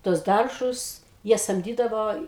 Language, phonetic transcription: Lithuanian, tuos ˈdaržus ˈjie samˈdydavo

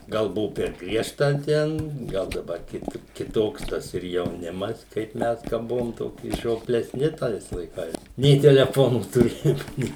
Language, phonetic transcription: Lithuanian, ˈgal ˈbuvu per ˈgriežta ˈten ˈgal daˈbar ˈkit kiˈtoks ˈtas ir jauˈnimas kaip ˈmes ka ˈbuvom ˈtoki žiopleˈsni ˈtais laiˈkais nei teleˈfonų tuˈrėjom ˈnė

